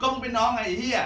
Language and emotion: Thai, angry